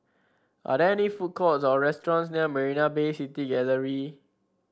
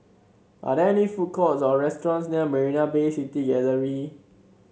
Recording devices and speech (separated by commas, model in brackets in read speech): standing microphone (AKG C214), mobile phone (Samsung C7), read sentence